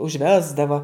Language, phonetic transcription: Lithuanian, užˈvesdavo

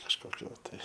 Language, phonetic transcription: Lithuanian, kažkoˈkiu ˈtai

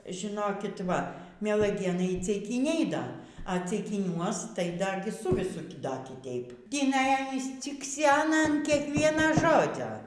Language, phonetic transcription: Lithuanian, žiˈnokit ˈva mielaˈgėnai y ceiˈkyniai ˈda a ceikiˈniuos tai ˈda ˈsu viˈsu ˈda kiˈteip tįˈnai ˈanys cikˈsena an ˈkiekviena ˈžodzio

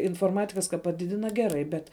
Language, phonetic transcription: Lithuanian, inforˈmatikas ka paˈdidina ˈgeˌrai ˈbet

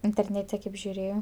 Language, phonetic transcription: Lithuanian, interˈnete kaip žiuˈrėjo

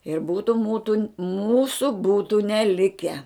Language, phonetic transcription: Lithuanian, ir ˈbūtu ˈmūtu ˈmūsu ˈbūtu neˈlike

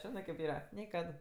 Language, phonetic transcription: Lithuanian, ˈžinɜ kėp ˈyra ˈnė ˈkad

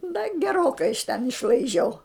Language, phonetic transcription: Lithuanian, da geˈrokai iš ten išlaiˈžiau

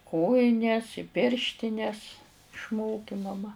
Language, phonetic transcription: Lithuanian, ˈkojines i ˈpirštines išˈmoki maˈma

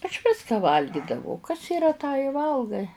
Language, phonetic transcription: Lithuanian, aš ˈviską ˈvalgidavau kas yˈra tą i ˈvalgai

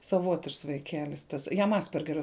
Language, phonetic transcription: Lithuanian, saˈvotišks vaiˈkelis ˈtas ˈjam ˈaspergerio

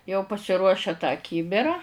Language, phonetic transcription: Lithuanian, jau pasiˈruošia tą ˈkybira

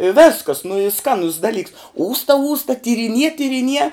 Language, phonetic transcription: Lithuanian, i ˈvėskas nu y ˈskanus daˈlyks ˈūsta ˈūsta tyriˈnie tyriˈnie

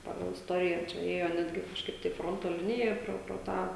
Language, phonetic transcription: Lithuanian, ˈpagal isˈtoriją čia ˈėjo ˈnetgi kažˈkaip tai ˈfronto ˈlinija ˈpro pro ˈtą

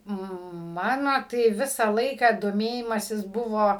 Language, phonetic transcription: Lithuanian, ˈmano tai ˈvisą ˈlaiką doˈmėjimasis ˈbuvo

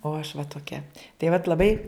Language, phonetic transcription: Lithuanian, o aš va toˈkia tai vat laˈbai

